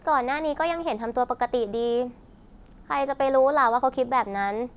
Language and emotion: Thai, frustrated